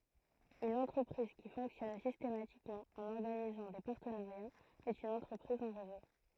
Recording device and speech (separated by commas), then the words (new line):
throat microphone, read sentence
Une entreprise qui fonctionne systématiquement en organisant des partenariats est une entreprise en réseau.